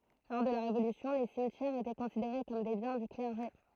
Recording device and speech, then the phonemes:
throat microphone, read sentence
lɔʁ də la ʁevolysjɔ̃ le simtjɛʁz etɛ kɔ̃sideʁe kɔm de bjɛ̃ dy klɛʁʒe

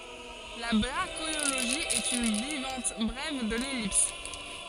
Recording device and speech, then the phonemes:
forehead accelerometer, read sentence
la bʁaʃiloʒi ɛt yn vaʁjɑ̃t bʁɛv də lɛlips

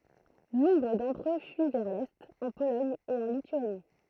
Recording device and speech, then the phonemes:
throat microphone, read sentence
nɔ̃bʁ dɑ̃tʁ ø fyi vɛʁ lɛt ɑ̃ polɔɲ e ɑ̃ lityani

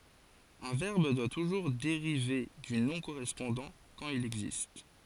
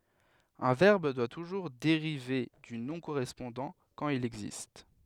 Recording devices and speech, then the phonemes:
forehead accelerometer, headset microphone, read sentence
œ̃ vɛʁb dwa tuʒuʁ deʁive dy nɔ̃ koʁɛspɔ̃dɑ̃ kɑ̃t il ɛɡzist

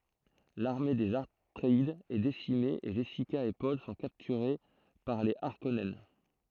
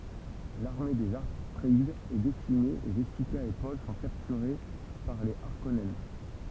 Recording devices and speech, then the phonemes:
throat microphone, temple vibration pickup, read sentence
laʁme dez atʁeidz ɛ desime e ʒɛsika e pɔl sɔ̃ kaptyʁe paʁ le aʁkɔnɛn

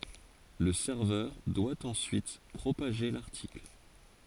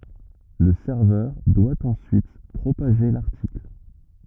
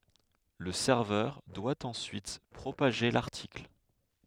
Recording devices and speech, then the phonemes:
forehead accelerometer, rigid in-ear microphone, headset microphone, read sentence
lə sɛʁvœʁ dwa ɑ̃syit pʁopaʒe laʁtikl

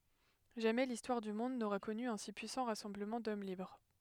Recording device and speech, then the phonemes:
headset microphone, read sentence
ʒamɛ listwaʁ dy mɔ̃d noʁa kɔny œ̃ si pyisɑ̃ ʁasɑ̃bləmɑ̃ dɔm libʁ

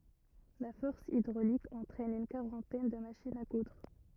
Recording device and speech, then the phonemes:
rigid in-ear microphone, read sentence
la fɔʁs idʁolik ɑ̃tʁɛn yn kaʁɑ̃tɛn də maʃinz a kudʁ

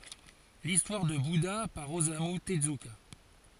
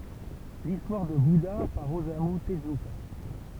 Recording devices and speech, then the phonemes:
forehead accelerometer, temple vibration pickup, read sentence
listwaʁ də buda paʁ ozamy təzyka

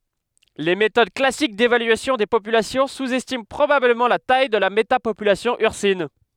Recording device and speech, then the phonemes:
headset microphone, read sentence
le metod klasik devalyasjɔ̃ de popylasjɔ̃ suzɛstimɑ̃ pʁobabləmɑ̃ la taj də la metapopylasjɔ̃ yʁsin

